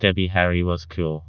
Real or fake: fake